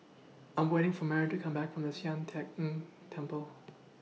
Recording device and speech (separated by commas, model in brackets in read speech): mobile phone (iPhone 6), read sentence